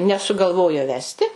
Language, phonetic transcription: Lithuanian, nesugalˈvojo ˈvesti

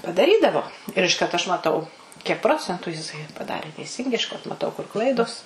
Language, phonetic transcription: Lithuanian, padaˈrydavo ir išˈkart aš maˈtau kiek ˈprocentu jiˈsai paˈdarė teiˈsingai išˈkart maˈtau kur ˈklaidos

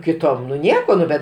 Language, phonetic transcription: Lithuanian, kiˈtom nu ˈnieko ˈnu bet

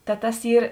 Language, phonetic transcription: Lithuanian, ta ˈtas ˈyr

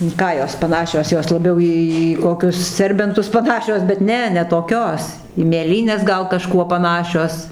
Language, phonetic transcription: Lithuanian, in ˈką jos paˈnašios ˈjos laˈbiau ˈį ˈį į ˈkokius ˈserbentus paˈnašios bet ˈne ne toˈkios į mėˈlynes ˈgal kaˈžkuo paˈnašios

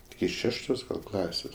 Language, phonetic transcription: Lithuanian, iki ˈšeštos ˈklasės

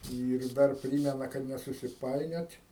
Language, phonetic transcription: Lithuanian, ˈyr ˈdar ˈprymena kad nesusiˈpainiot'

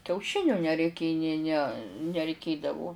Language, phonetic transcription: Lithuanian, kiauˈšiniu nereiˈkė nė ne nereiˈkėdavu

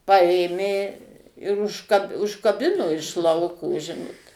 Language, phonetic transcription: Lithuanian, ˈpaėmė ir užka užkaˈbino iš ˈlauko ˈžinot

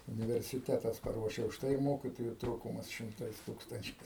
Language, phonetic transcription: Lithuanian, universiˈtetas paˈruošia užˈtai ir ˈmokitoju ˈtrūkumas šimˈtais ˈtūkstančiais

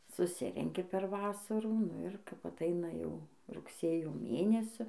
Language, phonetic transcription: Lithuanian, suˈsirenki per ˈvasarų nu ir kap aˈtaina jau rugˈsėjo ˈmėnesiu

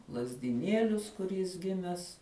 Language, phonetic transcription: Lithuanian, lazdiˈnielius kur jis ˈgimes

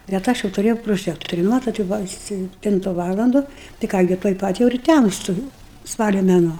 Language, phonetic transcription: Lithuanian, bet ˈaš jau tuˈrėjau proˈžektoriu ˈmatot jau ˈbuva a sepˈtintu ˈvalandu tai ˈką gi tuoj ˈpat jau ir ˈtæmstu jūu ˈspalio meˈnuo

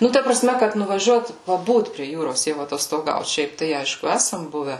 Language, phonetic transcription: Lithuanian, ˈnu ˈta praˈsme kad nuvaˈžiuot paˈbūt prie ˈjūros jau atostoˈgaut ˈšiaip tai ˈaišku ˈæsam ˈbuve

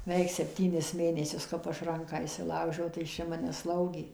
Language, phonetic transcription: Lithuanian, ˈveik sepˈtynis ˈmėnesius ˈkap ˈaš ˈranką išsiˈlaužiau tai ˈjis čia ˈmane ˈslaugė

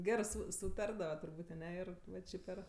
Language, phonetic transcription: Lithuanian, ˈgerɜ ˈsu suˈtardava turˈbūt' aˈne ˈir va ˈči per

